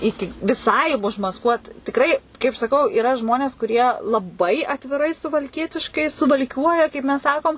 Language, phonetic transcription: Lithuanian, ˈiki viˈsai užmasˈkuot tikˈrai kaip saˈkau iˈra ˈžmonės kuˈrie laˈbai atviˈrai suvalˈkietiškai suvalˈkiuoja kaip mes ˈsakom

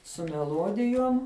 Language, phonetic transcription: Lithuanian, su meˈluodijuom

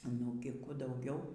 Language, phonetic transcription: Lithuanian, nugi ˈkų dauˈgiau

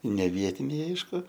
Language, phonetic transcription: Lithuanian, ne ˈvietiniai ˈaišku

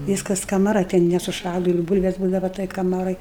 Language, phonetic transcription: Lithuanian, ˈvyskas kamaˈra ˈten nesuˈšąlu ir ˈbūlves ˈbūdava toj kaˈmaroj

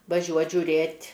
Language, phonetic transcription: Lithuanian, vaˈžiuot žiuˈrėt'

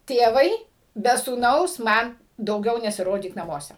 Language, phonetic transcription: Lithuanian, ˈtėvai be sūˈnaus ˈman dauˈgiau nesiˈrodyk naˈmuose

